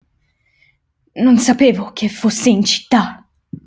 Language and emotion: Italian, angry